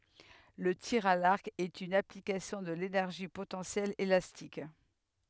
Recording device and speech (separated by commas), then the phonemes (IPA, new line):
headset microphone, read sentence
lə tiʁ a laʁk ɛt yn aplikasjɔ̃ də lenɛʁʒi potɑ̃sjɛl elastik